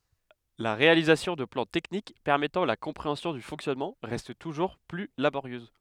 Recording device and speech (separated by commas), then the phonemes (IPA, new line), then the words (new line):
headset microphone, read sentence
la ʁealizasjɔ̃ də plɑ̃ tɛknik pɛʁmɛtɑ̃ la kɔ̃pʁeɑ̃sjɔ̃ dy fɔ̃ksjɔnmɑ̃ ʁɛst tuʒuʁ ply laboʁjøz
La réalisation de plans techniques permettant la compréhension du fonctionnement reste toujours plus laborieuse.